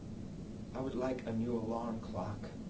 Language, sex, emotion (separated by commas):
English, male, neutral